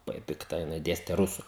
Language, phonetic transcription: Lithuanian, laˈbai pikˈta jiˈnai ˈdėste ˈrusu

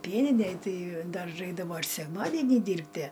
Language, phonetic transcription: Lithuanian, ˈpieninej ˈtai ˈdar ˈraikdavo ir sekˈmadenį ˈdyrbtie

